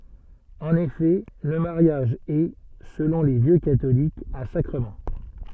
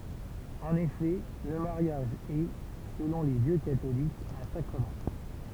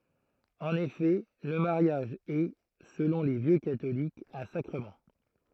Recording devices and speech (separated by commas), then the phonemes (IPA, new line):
soft in-ear microphone, temple vibration pickup, throat microphone, read sentence
ɑ̃n efɛ lə maʁjaʒ ɛ səlɔ̃ le vjø katolikz œ̃ sakʁəmɑ̃